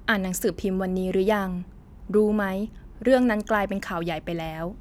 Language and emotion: Thai, neutral